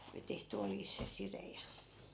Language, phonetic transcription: Finnish, oli tehty 'oljis se 'sire ja .
- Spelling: oli tehty oljista se side ja

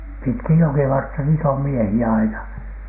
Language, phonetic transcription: Finnish, pitkij 'jokivartta niit ‿om "miehi₍ä 'aina .
- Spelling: pitkin jokivartta niitä on miehiä aina

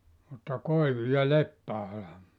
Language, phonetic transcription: Finnish, mutta 'koivu- ja "leppä₍ala .
- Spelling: mutta koivu ja leppäala

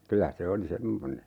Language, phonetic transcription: Finnish, 'kylä 'se oli "semmone .
- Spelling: kyllä se oli semmoinen

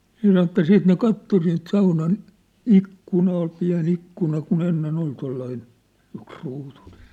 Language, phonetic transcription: Finnish, se san ‿ᵉt̆tä 'siit ne 'katto siint saunan , 'ikkuna ol piä̭n ‿ikkuna ku'n ‿enne'n ‿ol tollain , yksruutuNᴇ .
- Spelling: se sanoi että sitten ne katsoi siitä saunan ikkuna oli pieni ikkuna kun ennen oli tuollainen yksiruutuinen

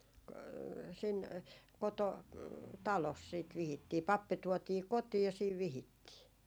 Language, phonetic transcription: Finnish, k- , sin , 'koto- , 'talos siit 'vihittii , "pappi tuɔtii "kotiij ja siiv 'vihittii .
- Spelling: - sinne - kototalossa sitten vihittiin pappi tuotiin kotiin ja siinä vihittiin

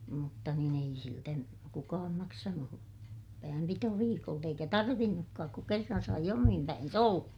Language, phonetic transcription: Finnish, mutta niin ‿ei siltä , kukaam maksanu , päämpitoviikolt ‿eikä tarvinnukkaak ku kerran sai omim päins ‿olla .
- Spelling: mutta niin ei siltä kukaan maksanut päänpitoviikolta eikä tarvinnutkaan kun kerran sai omin päinsä olla

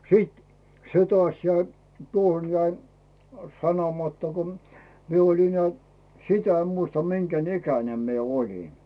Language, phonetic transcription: Finnish, 'sìt , 'se tᵒàs 'jäi , 'tuoʰon jäi , 'sanomatta kom , 'mie olin neä̀ "sitä em 'muista 'miŋGän ‿"ikänem mie olin .
- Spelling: sitten se taas jäi tuohon jäi sanomatta kun minä olin näet sitä en muista minkä ikäinen minä olin

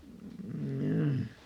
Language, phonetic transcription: Finnish, m̥jaa .
- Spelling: jaa

